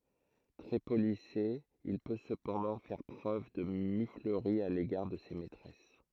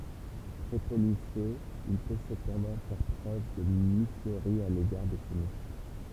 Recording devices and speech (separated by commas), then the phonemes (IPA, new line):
throat microphone, temple vibration pickup, read sentence
tʁɛ polise il pø səpɑ̃dɑ̃ fɛʁ pʁøv də myfləʁi a leɡaʁ də se mɛtʁɛs